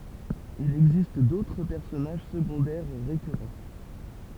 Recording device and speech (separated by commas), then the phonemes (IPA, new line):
temple vibration pickup, read sentence
il ɛɡzist dotʁ pɛʁsɔnaʒ səɡɔ̃dɛʁ ʁekyʁɑ̃